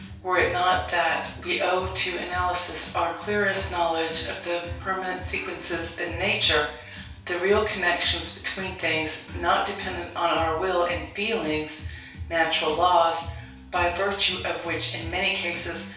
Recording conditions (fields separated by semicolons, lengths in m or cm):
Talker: one person; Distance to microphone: 3.0 m; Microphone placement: far; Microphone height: 1.8 m; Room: small (3.7 m by 2.7 m); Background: music